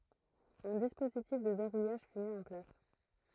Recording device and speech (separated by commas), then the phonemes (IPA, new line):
throat microphone, read sentence
œ̃ dispozitif də vɛʁujaʒ fy mi ɑ̃ plas